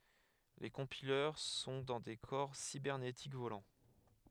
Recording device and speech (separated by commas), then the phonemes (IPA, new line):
headset microphone, read sentence
le kɔ̃pilœʁ sɔ̃ dɑ̃ de kɔʁ sibɛʁnetik volɑ̃